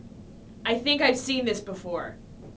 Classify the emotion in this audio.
neutral